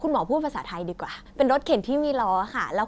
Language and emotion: Thai, happy